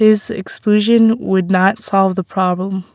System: none